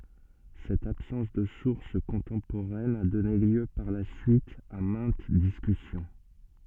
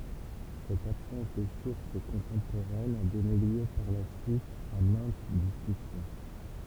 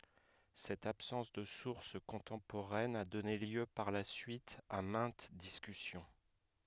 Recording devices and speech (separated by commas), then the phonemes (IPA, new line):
soft in-ear microphone, temple vibration pickup, headset microphone, read sentence
sɛt absɑ̃s də suʁs kɔ̃tɑ̃poʁɛn a dɔne ljø paʁ la syit a mɛ̃t diskysjɔ̃